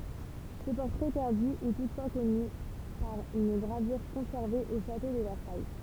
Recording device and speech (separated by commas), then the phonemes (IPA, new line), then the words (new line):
temple vibration pickup, read sentence
sə pɔʁtʁɛ pɛʁdy ɛ tutfwa kɔny paʁ yn ɡʁavyʁ kɔ̃sɛʁve o ʃato də vɛʁsaj
Ce portrait perdu est toutefois connu par une gravure conservée au château de Versailles.